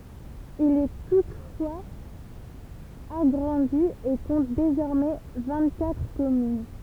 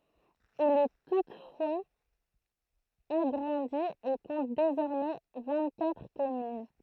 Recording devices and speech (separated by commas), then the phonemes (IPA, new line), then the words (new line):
temple vibration pickup, throat microphone, read sentence
il ɛ tutfwaz aɡʁɑ̃di e kɔ̃t dezɔʁmɛ vɛ̃ɡtkatʁ kɔmyn
Il est toutefois agrandi et compte désormais vingt-quatre communes.